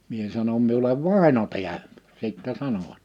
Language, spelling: Finnish, minä sanoin minulle vaino - sitten sanoivat
- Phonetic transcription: mie sanom » 'miulev "vàeno tiä- « , sittɛ 'sanovat .

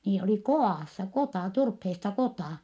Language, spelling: Finnish, niillä oli kodassa kota turpeesta kota
- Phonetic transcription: niil ‿olì ko₍àssa , kotà , turpheesta kotà .

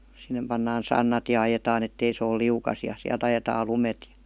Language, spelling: Finnish, sinne pannaan sannat ja ajetaan että ei se ole liukas ja sieltä ajetaan lumet ja
- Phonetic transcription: sinnem pannaan "sannat ja 'ajetaan ‿ettei se ol 'liukas ja , 'siält ‿ajetaal 'lumet jA .

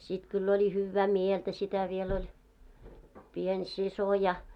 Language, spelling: Finnish, sitten kyllä oli hyvää mieltä sitä vielä oli pieni sisko ja
- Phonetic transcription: sit 'kyll ‿oĺi 'hyyvvää "mieltä 'sitä viel ‿oĺ , 'pien "siso ja ,.

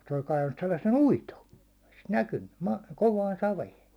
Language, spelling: Finnish, se oli kaivanut sellaisen uiton ei sitä näkynyt - kovaan saveen
- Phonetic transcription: se oĺ kaivannus 'sellassen "uiton̬ , (ei) sit 'näkynny , ma- , 'kovaan 'saveen .

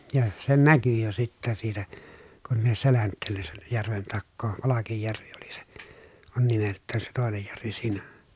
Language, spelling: Finnish, ja se näkyi jo sitten siitä kun ne selänteelle sen järven takaa Palkinjärvi oli se on nimeltään se toinen järvi siinä
- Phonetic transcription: ja , se näky jo sittä siitä , kun ne seläntteellen sen järven takkoo , Palakijjärvi oLI sE , on nimelt̆tään se tòenej järvi siinä ,.

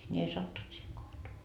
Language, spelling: Finnish, niin ei sattunut siihen kohtaan
- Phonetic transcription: ńi ei 'sattunt siiheŋ kohtoa .

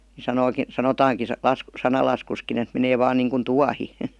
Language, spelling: Finnish, niin sanoikin sanotaankin - - - sananlaskussakin että menee vain niin kuin tuohi
- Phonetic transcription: ni "sanoiki , "sanotaaŋki s- sa- lask- , 'sanalaskuskin ‿et 'menee 'vaan niiŋkun "tuahi .

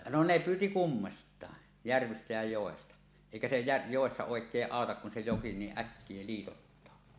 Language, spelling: Finnish, no ne pyysi kummastakin järvistä ja joista eikä se - joessa oikein auta kun se joki niin äkkiä liitottaa
- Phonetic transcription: no ne 'pyyti "kummast̀àe , 'järvistä jä 'jòesta , 'èikä se jär- "jòessa òek̀ee 'ˀàotak kun se joki niiˀ "ˀäkkie 'liitottaa .

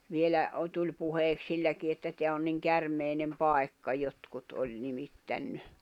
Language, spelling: Finnish, vielä - tuli puheeksi silläkin että tämä on niin käärmeinen paikka jotkut oli nimittänyt
- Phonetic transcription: 'vielä , o- tuĺ puheek 'silläki että teä on niŋ 'kärm̀einem 'pài̬kka 'jotkut oĺ 'nimittänny .

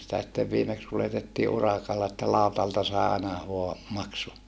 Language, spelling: Finnish, sitä sitten viimeksi kuljetettiin urakalla että lautalta sai aina vain maksun
- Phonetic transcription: sⁱtä sittev viimeks kuletettii ʼurakalla että làu̬talta sài̮ aena , voa , maksu .

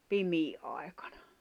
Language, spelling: Finnish, pimeän aikana
- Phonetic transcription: 'pimii’ ’ai̬kᴀɴᴀ .

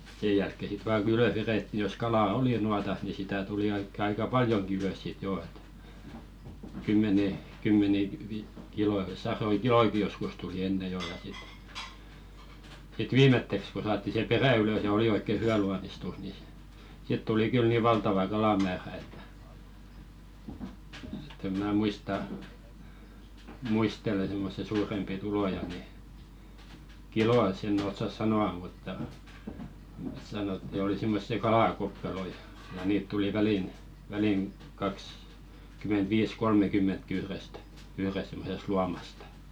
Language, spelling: Finnish, sen jälkeen sitten vain kun ylös vedettiin jos kalaa oli nuotassa niin sitä tuli oikein aika paljonkin ylös sitten joo että kymmenen kymmeniä - kiloja satoja kilojakin joskus tuli ennen jo ja sitten sitten viimeiseksi kun saatiin se perä ylös ja oli oikein hyvä luonnistus niin - sitten tuli kyllä niin valtava kalamäärä että että en minä muista muistelen semmoisia suurempia tuloja niin kiloissa en osaa sanoa mutta sanottiin oli semmoisia kalakokkaroita ja niitä tuli väliin väliin - kaksikymmentäviisi kolmekymmentäkin yhdestä yhdestä semmoisesta luomasta
- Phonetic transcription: 'see jälkke sit vaa "kᵘ ylös 'verètti jos 'kalà "oli nuatas ni sitä 'tuli oikke aika "paljoŋki ylös sit 'joo et , kymmene , 'kymmeni vi- kiloi 'saroi "kiloiki joskus tuli 'enne joo ja sit , sit "viimetteks ko saat̆ti se 'perä̀ ylös ja 'oli oikke 'hy₍ä luanistus ni si- , sit tuli kyl ni "valtava 'kalamäärä ettᴀ̈ , ᴇttem mää 'muista , 'muistele semmossi 'suurempi "tuloja ni , "kiloʲass ‿enn ‿ossas 'sano₍aᵐ mutta , sanotᵗᴵ oli simmossi "kalà'kokkaroi , ja niit 'tuli "välin , välin̳§ 'kaks- , -kyment'viis "kolmekymmentki 'yhrest , yhresᵗ semmosesᵗ 'luamasta .

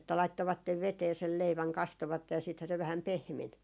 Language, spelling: Finnish, että laittoivat veteen sen leivän kastoivat ja siitähän se vähän pehmeni
- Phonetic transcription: että 'laittovattev "vetee sel 'leiväŋ 'kastovattej ja , 'siithä se 'vähäm "pehmen .

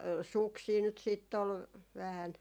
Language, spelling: Finnish, suksia nyt sitten oli vähän
- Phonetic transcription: "suksii nyt 'siitt ‿ol , vähän .

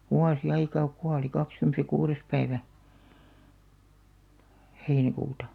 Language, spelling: Finnish, vuosi aikaa kun kuoli kaksikymmentä ja kuudes päivä heinäkuuta
- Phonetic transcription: vuasi aikaa (ku) 'kuali 'kakskymes ja 'kuures päivä , 'heinäkuuta .

